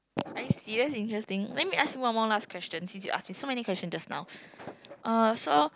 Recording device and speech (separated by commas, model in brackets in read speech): close-talking microphone, conversation in the same room